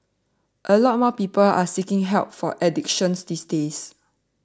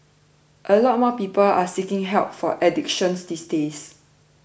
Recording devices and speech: standing microphone (AKG C214), boundary microphone (BM630), read sentence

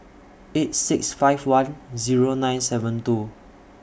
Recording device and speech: boundary microphone (BM630), read sentence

